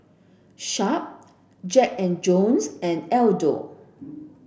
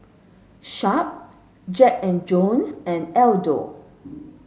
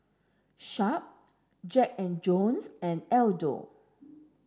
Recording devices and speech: boundary microphone (BM630), mobile phone (Samsung S8), standing microphone (AKG C214), read sentence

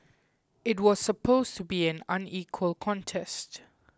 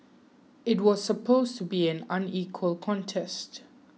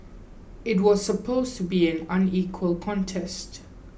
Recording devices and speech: close-talking microphone (WH20), mobile phone (iPhone 6), boundary microphone (BM630), read sentence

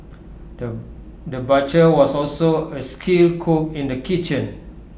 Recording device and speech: boundary microphone (BM630), read sentence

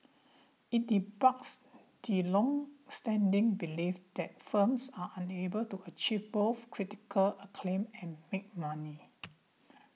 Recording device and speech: mobile phone (iPhone 6), read sentence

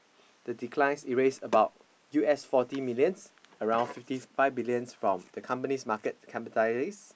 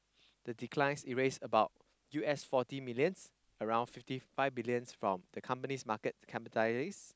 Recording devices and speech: boundary microphone, close-talking microphone, conversation in the same room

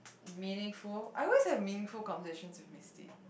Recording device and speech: boundary microphone, conversation in the same room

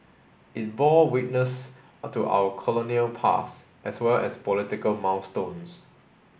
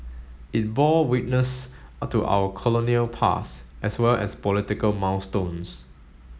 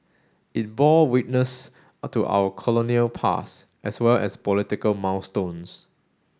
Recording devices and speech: boundary microphone (BM630), mobile phone (Samsung S8), standing microphone (AKG C214), read sentence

